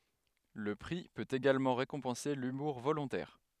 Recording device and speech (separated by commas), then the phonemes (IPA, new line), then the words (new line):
headset microphone, read sentence
lə pʁi pøt eɡalmɑ̃ ʁekɔ̃pɑ̃se lymuʁ volɔ̃tɛʁ
Le prix peut également récompenser l'humour volontaire.